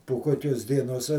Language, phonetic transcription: Lithuanian, po ˈkokios dieˈnos

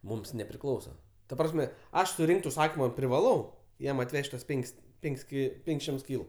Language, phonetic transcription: Lithuanian, ˈmums nepriˈklausa ta ˈprasme ˈaš suˈrinkt užˈsakima privaˈlau ˈjam atˈvež't' ˈtuos ˈpenk's' ˈpenk's' ki ˈpenk's' ˈšimts ˈkylu

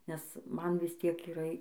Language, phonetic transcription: Lithuanian, nes ˈman ˈvis ˈtiek yˈra

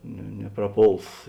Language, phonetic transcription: Lithuanian, ne nepraˈpols

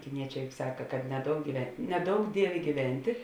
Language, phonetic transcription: Lithuanian, kiˈniečē juk ˈsaka kad neˈdouk gyve neˈdouk ˈdievė gyˈventė

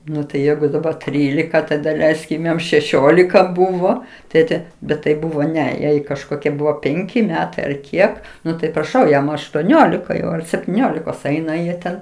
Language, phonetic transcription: Lithuanian, ˈnu tai ˈjeigu daˈbar ˈtrylika ˈtai daˈleiskim ˈjam šeˈšiolika ˈbuvo ˈtėte bet tai ˈbuvo ˈne ˈjai kažˈkokie ˈbuvo ˈpenki ˈmetai ar ˈkiek ˈnu tai praˈšau ˈjam aštuoˈniolika jau ar septyˈniolikos ˈaina jie ˈten

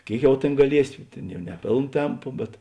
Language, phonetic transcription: Lithuanian, ˈkėik ˈjau ˈtėn gaˈliesi ˈtėn ˈjau ne ˈpėln ˈtempu bet

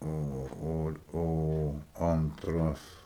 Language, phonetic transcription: Lithuanian, ˈo ˈo ˈo ˈantras

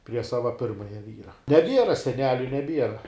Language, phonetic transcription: Lithuanian, prie ˈsava ˈpirmaja ˈvyra neˈbiera seˈneliu neˈbiera

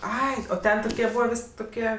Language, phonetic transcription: Lithuanian, ˈai o ˈten toˈkie ˈbūva ˈvis' toˈkie

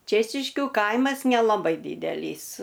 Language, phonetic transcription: Lithuanian, ˈčėčiškiu ˈkaimas nelaˈbai ˈdydelys

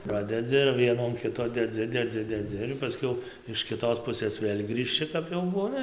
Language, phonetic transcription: Lithuanian, ˈpradedzi ir ˈvienų an ˈkito deˈdzi deˈdzi deˈdzi ir paˈskiau iš kiˈtos ˈpusɘs ˈvėl grįžˈči kap jau ˈbūna

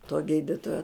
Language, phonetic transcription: Lithuanian, to ˈgyditojo

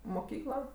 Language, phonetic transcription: Lithuanian, moˈkykla

